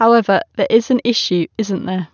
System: none